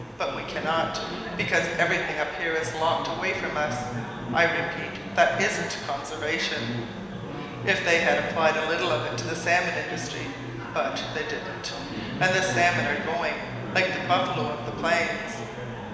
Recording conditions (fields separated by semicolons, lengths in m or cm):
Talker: one person; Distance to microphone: 1.7 m; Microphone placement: close; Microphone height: 1.0 m; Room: very reverberant, large; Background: babble